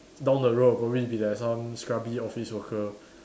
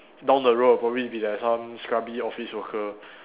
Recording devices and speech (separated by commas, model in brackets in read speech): standing microphone, telephone, conversation in separate rooms